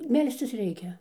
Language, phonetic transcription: Lithuanian, ˈmelscis ˈreikia

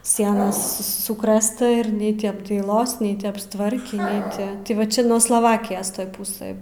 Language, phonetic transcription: Lithuanian, ˈsienas su ˈsukrɘsta ir ˈnei ti apdaiˈlos ˈnei ti apstˈvarkį ˈnei ti ti ˈva ˈčia nuo slaˈvakijos ˈtoj ˈpusɘj

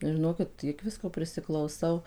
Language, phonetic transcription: Lithuanian, žiˈnokit ˈtiek ˈvisko prisiklauˈsau

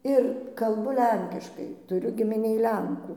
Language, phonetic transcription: Lithuanian, ˈir kalˈbu ˈlenkiškai ˈturiu gimiˈnėj ˈlenkų

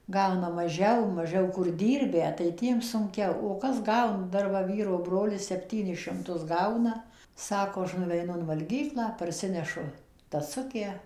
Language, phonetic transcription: Lithuanian, ˈgauna maˈžiau maˈžiau kur ˈdyrbę tai ˈtiem sunˈkiau o ˈkas ˈgaun ˈdar va ˈvyro ˈbrolis sepˈtynis šimˈtus ˈgauna ˈsako ˈaš nuveiˈnu in valˈgyklą parˈsinešu taˈsukę

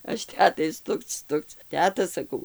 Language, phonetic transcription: Lithuanian, ˈaš ˈtetai ˈstukc ˈstukc ˈteta saˈkau

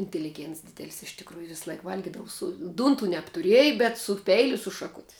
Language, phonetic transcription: Lithuanian, inteliˈgėnts ˈdidelis iš tikˈrųju ˈvis ˈlaik ˈvalgidavu su ˈdūntu nebtuˈrieji bet su ˈpeiliu i su šaˈkuti

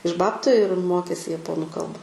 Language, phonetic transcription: Lithuanian, iš ˈbabtu ir ˈmokėsi jaˈponu ˈkalba

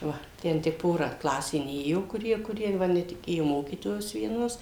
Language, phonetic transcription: Lithuanian, ˈva ˈten tik ˈpora ˈklasė ˈnėjo kuˈrie kuˈrie va netiˈkėjo ˈmokytojos vieˈnos

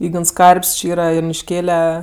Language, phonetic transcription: Lithuanian, ˈygns ˈkarp's' či ˈyra junišˈkėle

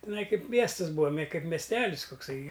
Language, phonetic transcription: Lithuanian, tiˈnai ˈkaip ˈmiestɨs ˈbūa me ˈkaip mesˈtelis kukˈsai

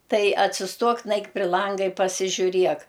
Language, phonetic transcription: Lithuanian, ˈtai atsisˈtuok ˈnaik pri ˈlanga i pasižiuˈriek

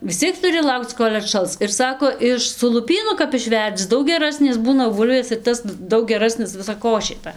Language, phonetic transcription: Lithuanian, vis ˈciek tuˈri ˈlaukc ˈkol' atˈšals ir ˈsako ˈiš su luˈpynu kap išˈverdzi ˈdaug geˈrasnės ˈbūna ˈbūlvės ir ˈtas ˈdaug geˈrasnis ˌvisa ˈkošė ˈta

